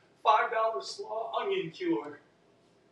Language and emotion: English, happy